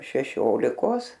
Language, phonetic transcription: Lithuanian, šeˈšiolikos

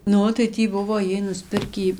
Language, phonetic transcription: Lithuanian, ˈnu tai ˈtį ˈbuvo ˈjiej nusˈpirkį

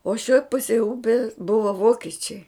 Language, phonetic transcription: Lithuanian, o šioj ˈpusėj ˈupes ˈbuva ˈvokečiai

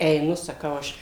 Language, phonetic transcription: Lithuanian, eiˈnu saˈkau ˈaš

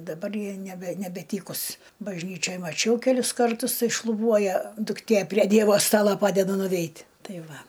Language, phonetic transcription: Lithuanian, daˈbar ˈji neˈbe nebeˈtykus bažˈnyčioj maˈčiau keˈlius karˈtus ˈtai šluˈbuoja dukˈtė prie ˈdievo ˈstalo ˈpadeda nuˈveit' ˈtai ˈva

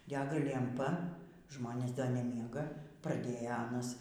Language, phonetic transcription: Lithuanian, ˈdega lemˈpa ˈžmonės da neˈmiega praˈdėja ˈanas

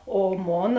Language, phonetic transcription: Lithuanian, o ˈmona

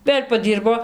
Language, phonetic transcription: Lithuanian, ˈvėl' paˈdyrbo

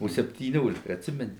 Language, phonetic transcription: Lithuanian, o septyˈniolika atˈsimeni

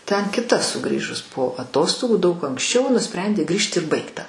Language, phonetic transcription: Lithuanian, ten kiˈta suˈgrįžus po aˈtostogų daug anksˈčiau nuˈsprendė ˈgrįžt ir ˈbaigta

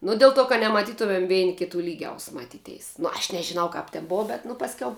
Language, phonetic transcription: Lithuanian, ˈnu dil ˈto ka nemaˈtytumem ˈveini kiˈtų ˈlygiaus maˈtyˌteis nu aš nežiˈnau kap ten ˈboa ˈbet nu pasˈkiau

